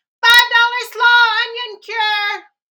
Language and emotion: English, happy